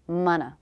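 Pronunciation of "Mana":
'Mana' sounds like a two-syllable word, with the stress on the first syllable and an ultra-short second syllable.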